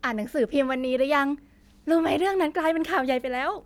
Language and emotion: Thai, happy